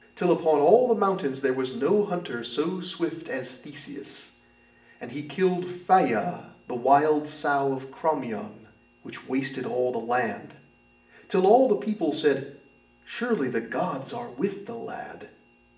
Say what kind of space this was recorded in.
A spacious room.